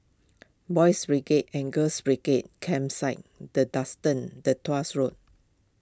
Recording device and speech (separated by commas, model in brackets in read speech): close-talking microphone (WH20), read sentence